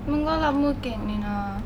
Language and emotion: Thai, frustrated